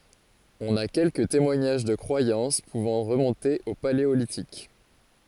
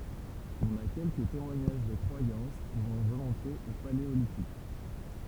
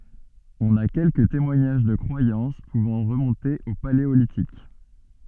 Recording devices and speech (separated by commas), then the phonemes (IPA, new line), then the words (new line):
forehead accelerometer, temple vibration pickup, soft in-ear microphone, read sentence
ɔ̃n a kɛlkə temwaɲaʒ də kʁwajɑ̃s puvɑ̃ ʁəmɔ̃te o paleolitik
On a quelques témoignages de croyances pouvant remonter au Paléolithique.